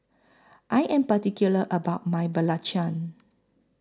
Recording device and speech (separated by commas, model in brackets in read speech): close-talking microphone (WH20), read sentence